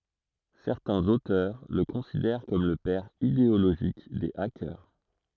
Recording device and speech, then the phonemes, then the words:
throat microphone, read sentence
sɛʁtɛ̃z otœʁ lə kɔ̃sidɛʁ kɔm lə pɛʁ ideoloʒik de akœʁ
Certains auteurs le considèrent comme le père idéologique des hackers.

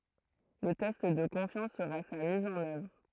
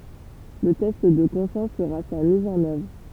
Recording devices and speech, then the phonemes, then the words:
throat microphone, temple vibration pickup, read sentence
lə tɛst də kɔ̃fjɑ̃s səʁa sa miz ɑ̃n œvʁ
Le test de confiance sera sa mise en œuvre.

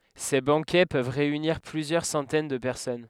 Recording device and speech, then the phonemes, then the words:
headset microphone, read sentence
se bɑ̃kɛ pøv ʁeyniʁ plyzjœʁ sɑ̃tɛn də pɛʁsɔn
Ces banquets peuvent réunir plusieurs centaines de personnes.

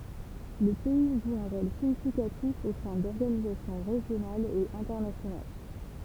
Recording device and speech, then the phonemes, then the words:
temple vibration pickup, read sentence
lə pɛi ʒu œ̃ ʁol siɲifikatif o sɛ̃ dɔʁɡanizasjɔ̃ ʁeʒjonalz e ɛ̃tɛʁnasjonal
Le pays joue un rôle significatif au sein d'organisations régionales et internationales.

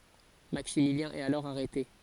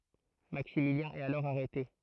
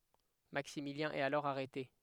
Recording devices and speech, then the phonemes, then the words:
forehead accelerometer, throat microphone, headset microphone, read sentence
maksimiljɛ̃ ɛt alɔʁ aʁɛte
Maximilien est alors arrêté.

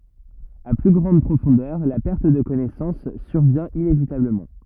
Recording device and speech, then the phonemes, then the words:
rigid in-ear microphone, read sentence
a ply ɡʁɑ̃d pʁofɔ̃dœʁ la pɛʁt də kɔnɛsɑ̃s syʁvjɛ̃ inevitabləmɑ̃
À plus grande profondeur, la perte de connaissance survient inévitablement.

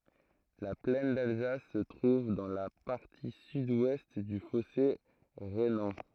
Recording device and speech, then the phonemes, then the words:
throat microphone, read sentence
la plɛn dalzas sə tʁuv dɑ̃ la paʁti sydwɛst dy fɔse ʁenɑ̃
La plaine d'Alsace se trouve dans la partie sud-ouest du fossé rhénan.

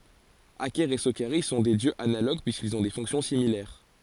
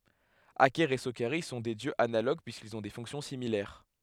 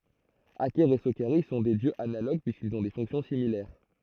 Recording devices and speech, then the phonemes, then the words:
forehead accelerometer, headset microphone, throat microphone, read sentence
akɛʁ e sokaʁis sɔ̃ dø djøz analoɡ pyiskilz ɔ̃ de fɔ̃ksjɔ̃ similɛʁ
Aker et Sokaris sont deux dieux analogues puisqu’ils ont des fonctions similaires.

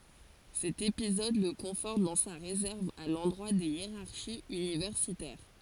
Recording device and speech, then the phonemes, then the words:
forehead accelerometer, read sentence
sɛt epizɔd lə kɔ̃fɔʁt dɑ̃ sa ʁezɛʁv a lɑ̃dʁwa de jeʁaʁʃiz ynivɛʁsitɛʁ
Cet épisode le conforte dans sa réserve à l'endroit des hiérarchies universitaires.

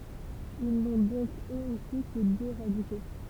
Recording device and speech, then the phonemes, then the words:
temple vibration pickup, read sentence
il nɔ̃ dɔ̃k øz osi kə dø ʁadiko
Ils n'ont donc eux aussi que deux radicaux.

